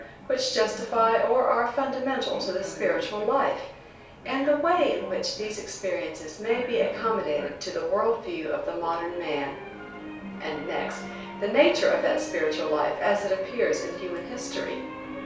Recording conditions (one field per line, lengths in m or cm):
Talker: one person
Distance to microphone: 3.0 m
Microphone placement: far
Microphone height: 1.8 m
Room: small (3.7 m by 2.7 m)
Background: television